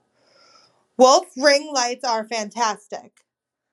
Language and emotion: English, angry